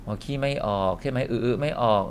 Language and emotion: Thai, neutral